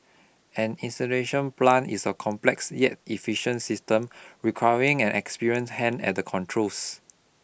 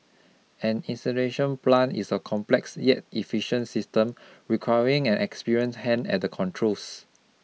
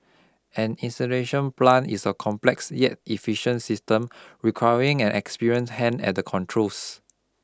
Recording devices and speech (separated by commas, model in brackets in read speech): boundary microphone (BM630), mobile phone (iPhone 6), close-talking microphone (WH20), read sentence